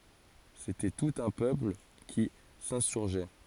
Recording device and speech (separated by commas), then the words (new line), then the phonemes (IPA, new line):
forehead accelerometer, read sentence
C’était tout un peuple qui s’insurgeait.
setɛ tut œ̃ pøpl ki sɛ̃syʁʒɛ